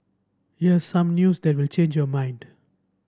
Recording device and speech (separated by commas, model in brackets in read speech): standing microphone (AKG C214), read sentence